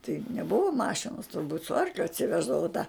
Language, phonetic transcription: Lithuanian, tai neˈbuvo ˈmašinos turˈbūt su ˈarkliu atsiˈveždavo tą

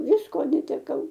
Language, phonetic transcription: Lithuanian, ˈvisko neteˈkau

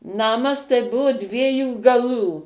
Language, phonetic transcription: Lithuanian, ˈnamas tai ˈbuvo ˈdviejų gaˈlų

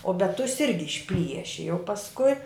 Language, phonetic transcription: Lithuanian, o bet tus ˈirgi išˈplieši jau pasˈkui

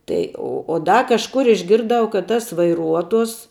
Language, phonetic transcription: Lithuanian, ˈtai o o ˈda kažˈkur išˈgirˈdau kad ˈtas vaiˈruotos

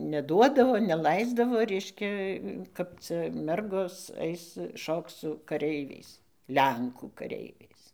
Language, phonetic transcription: Lithuanian, neˈduodavo neˈlaisdavo ˈreiškia kap ˈca ˈmergos ˈais ˈšokc su kaˈreiviais ˈlenkų kaˈreiviais

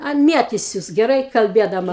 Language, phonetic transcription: Lithuanian, ˈan ˈmietisius geˈrai kalˈbiedama

